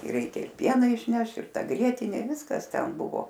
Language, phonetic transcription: Lithuanian, ir ˈreikia ir ˈpieną išˈneš ir ˈta ˈgrietinė ˈviskas ˈten ˈbuvo

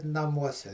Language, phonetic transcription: Lithuanian, naˈmuose

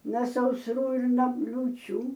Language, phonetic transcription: Lithuanian, na sausˈrų ir no liūˈčių

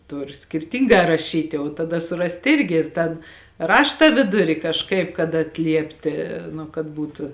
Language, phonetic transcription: Lithuanian, ˈtur skirˈtyngā raˈšyti o taˈda suˈrast ˈirgi ir ˈtan ˈrašta ˈviduri kažˈkaip kad atˈliepti nu kad ˈbūtu

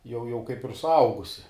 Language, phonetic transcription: Lithuanian, jau jau kaip ir suˈaugusi

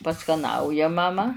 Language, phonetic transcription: Lithuanian, paskaˈnauja maˈma

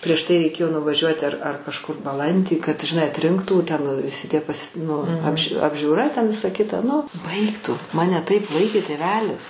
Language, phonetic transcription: Lithuanian, prieš ˈtai reiˈkėjo nuvaˈžiuoti ar ar kažˈkur baˈlandį kad žiˈnai atˈrinktų ˈten viˈsi tie pas' nu apž' apžiūˈra ten ˈvisa ˈkita ˈnu ˈbaik tu ˈmane ˈtaip ˈvaikė tėˈvelis

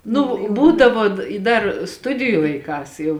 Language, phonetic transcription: Lithuanian, ˈnu ˈbūdavo i ˈdar ˈstudiju laiˈkās jau

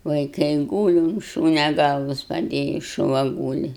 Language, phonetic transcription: Lithuanian, vaiˈkai ˈgūli un ˈšūnia ˈgalvas paˈdėjį šuˈva ˈgūli

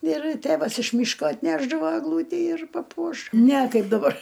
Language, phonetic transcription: Lithuanian, ir ˈtėvas iš ˈmyško atˈnešdavo egˈlūtį ir paˈpuoš ne ˈkaip daˈbar

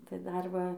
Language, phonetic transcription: Lithuanian, tai ˈdar ˈva

